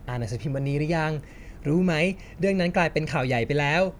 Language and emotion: Thai, happy